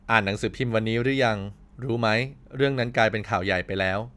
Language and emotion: Thai, neutral